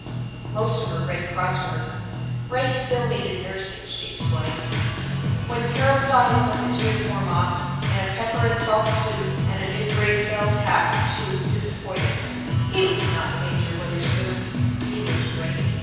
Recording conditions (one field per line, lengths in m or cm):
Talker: one person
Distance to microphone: 7.1 m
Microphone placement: far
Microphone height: 1.7 m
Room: very reverberant, large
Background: music